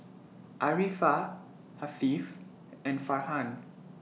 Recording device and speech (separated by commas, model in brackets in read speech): mobile phone (iPhone 6), read sentence